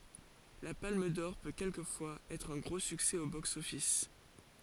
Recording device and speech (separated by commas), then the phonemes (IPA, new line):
forehead accelerometer, read sentence
la palm dɔʁ pø kɛlkəfwaz ɛtʁ œ̃ ɡʁo syksɛ o bɔks ɔfis